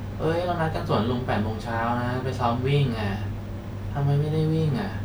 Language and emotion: Thai, frustrated